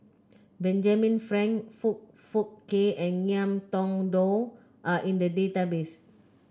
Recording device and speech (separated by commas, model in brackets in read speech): close-talking microphone (WH30), read sentence